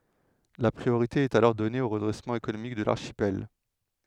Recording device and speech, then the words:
headset microphone, read sentence
La priorité est alors donnée au redressement économique de l'archipel.

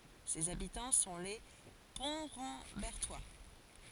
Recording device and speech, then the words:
forehead accelerometer, read sentence
Ses habitants sont les Pontrambertois.

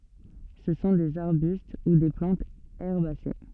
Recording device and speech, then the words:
soft in-ear microphone, read sentence
Ce sont des arbustes ou des plantes herbacées.

